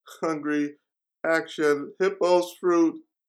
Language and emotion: English, fearful